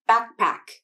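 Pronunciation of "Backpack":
In 'backpack', the K at the end of 'back' is unreleased.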